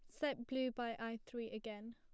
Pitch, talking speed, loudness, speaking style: 235 Hz, 210 wpm, -44 LUFS, plain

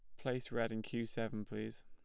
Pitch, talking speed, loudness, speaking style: 115 Hz, 220 wpm, -41 LUFS, plain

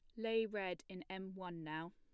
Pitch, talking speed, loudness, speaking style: 190 Hz, 210 wpm, -44 LUFS, plain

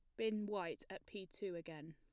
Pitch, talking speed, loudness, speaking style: 190 Hz, 210 wpm, -46 LUFS, plain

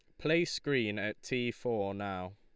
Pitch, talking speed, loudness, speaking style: 120 Hz, 165 wpm, -34 LUFS, Lombard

